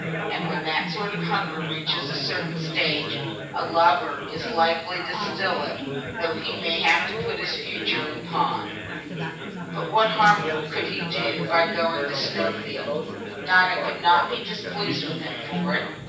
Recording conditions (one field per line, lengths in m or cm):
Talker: one person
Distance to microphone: 9.8 m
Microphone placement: far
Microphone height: 1.8 m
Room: large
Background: babble